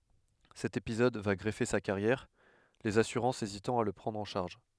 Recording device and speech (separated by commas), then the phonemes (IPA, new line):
headset microphone, read sentence
sɛt epizɔd va ɡʁəve sa kaʁjɛʁ lez asyʁɑ̃sz ezitɑ̃ a la pʁɑ̃dʁ ɑ̃ ʃaʁʒ